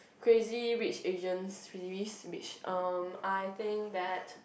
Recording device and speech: boundary microphone, conversation in the same room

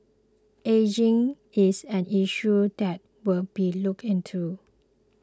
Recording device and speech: close-talking microphone (WH20), read sentence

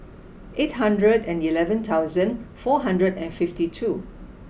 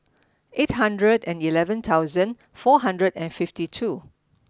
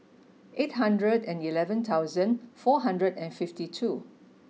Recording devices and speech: boundary microphone (BM630), standing microphone (AKG C214), mobile phone (iPhone 6), read sentence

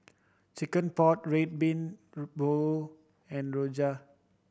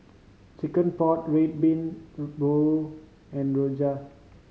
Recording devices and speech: boundary microphone (BM630), mobile phone (Samsung C5010), read sentence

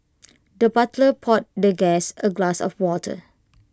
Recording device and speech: close-talking microphone (WH20), read sentence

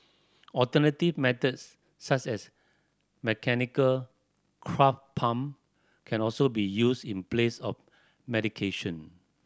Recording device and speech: standing microphone (AKG C214), read sentence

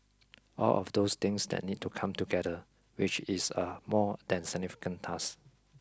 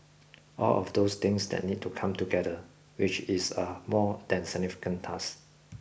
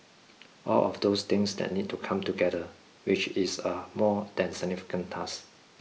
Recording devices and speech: close-talking microphone (WH20), boundary microphone (BM630), mobile phone (iPhone 6), read sentence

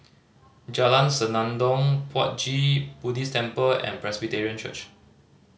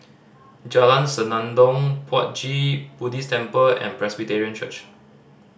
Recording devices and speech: mobile phone (Samsung C5010), standing microphone (AKG C214), read sentence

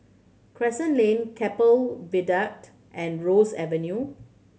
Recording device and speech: mobile phone (Samsung C7100), read sentence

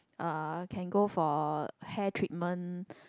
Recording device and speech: close-talking microphone, conversation in the same room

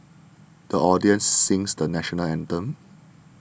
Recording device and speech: boundary microphone (BM630), read sentence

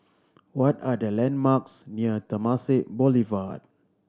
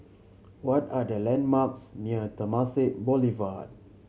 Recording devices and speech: standing microphone (AKG C214), mobile phone (Samsung C7100), read sentence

